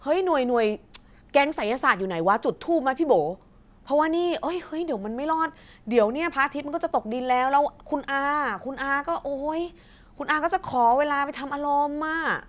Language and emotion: Thai, frustrated